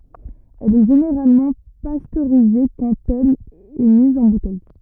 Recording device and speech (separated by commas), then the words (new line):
rigid in-ear microphone, read sentence
Elle est généralement pasteurisée quand elle est mise en bouteille.